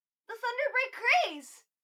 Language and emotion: English, happy